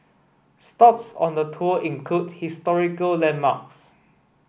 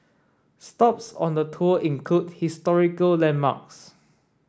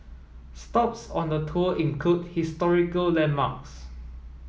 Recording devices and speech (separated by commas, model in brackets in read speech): boundary microphone (BM630), standing microphone (AKG C214), mobile phone (iPhone 7), read sentence